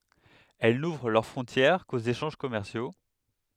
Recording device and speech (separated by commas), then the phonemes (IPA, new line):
headset microphone, read sentence
ɛl nuvʁ lœʁ fʁɔ̃tjɛʁ koz eʃɑ̃ʒ kɔmɛʁsjo